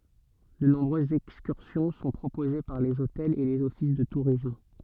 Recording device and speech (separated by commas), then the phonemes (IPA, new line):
soft in-ear microphone, read sentence
də nɔ̃bʁøzz ɛkskyʁsjɔ̃ sɔ̃ pʁopoze paʁ lez otɛlz e lez ɔfis də tuʁism